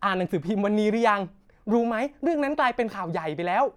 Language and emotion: Thai, happy